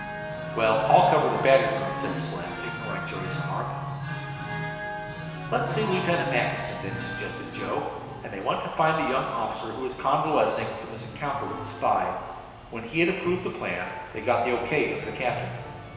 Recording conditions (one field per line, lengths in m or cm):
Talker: one person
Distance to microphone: 1.7 m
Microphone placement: close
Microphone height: 1.0 m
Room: very reverberant, large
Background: music